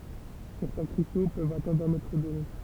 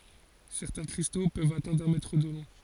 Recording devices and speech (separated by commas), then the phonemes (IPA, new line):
temple vibration pickup, forehead accelerometer, read sentence
sɛʁtɛ̃ kʁisto pøvt atɛ̃dʁ œ̃ mɛtʁ də lɔ̃